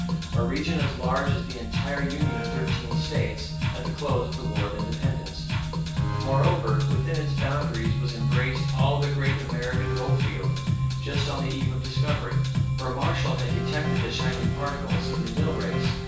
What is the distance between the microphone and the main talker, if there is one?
9.8 m.